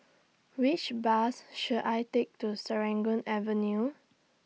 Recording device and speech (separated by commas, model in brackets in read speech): mobile phone (iPhone 6), read sentence